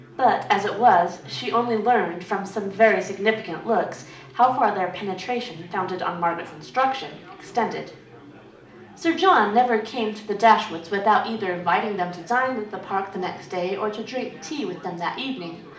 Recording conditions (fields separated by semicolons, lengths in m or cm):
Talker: one person; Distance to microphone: 2.0 m; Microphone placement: close; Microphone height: 99 cm; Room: medium-sized (5.7 m by 4.0 m); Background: babble